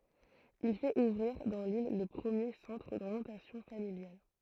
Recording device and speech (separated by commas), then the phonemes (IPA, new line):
throat microphone, read sentence
il fɛt uvʁiʁ dɑ̃ lil lə pʁəmje sɑ̃tʁ doʁjɑ̃tasjɔ̃ familjal